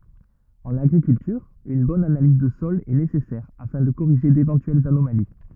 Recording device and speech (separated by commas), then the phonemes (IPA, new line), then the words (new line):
rigid in-ear microphone, read sentence
ɑ̃n aɡʁikyltyʁ yn bɔn analiz də sɔl ɛ nesɛsɛʁ afɛ̃ də koʁiʒe devɑ̃tyɛlz anomali
En agriculture, une bonne analyse de sol est nécessaire afin de corriger d'éventuelles anomalies.